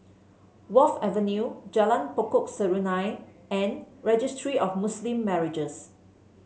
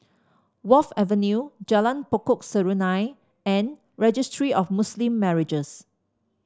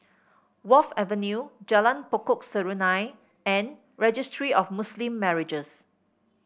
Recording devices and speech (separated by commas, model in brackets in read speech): mobile phone (Samsung C7), standing microphone (AKG C214), boundary microphone (BM630), read sentence